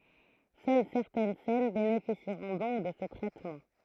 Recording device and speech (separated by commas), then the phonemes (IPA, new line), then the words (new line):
throat microphone, read sentence
sœl sɛʁtɛn sɛn benefisiʁɔ̃ dɔ̃k də sə tʁɛtmɑ̃
Seules certaines scènes bénéficieront donc de ce traitement.